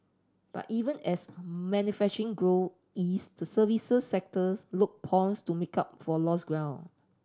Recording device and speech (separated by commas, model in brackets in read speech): standing microphone (AKG C214), read sentence